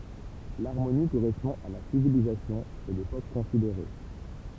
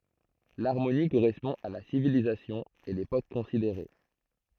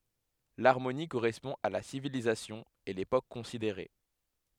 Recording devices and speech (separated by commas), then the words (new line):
temple vibration pickup, throat microphone, headset microphone, read sentence
L'Harmonie correspond à la civilisation et l'époque considérée.